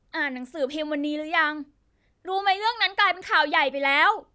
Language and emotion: Thai, angry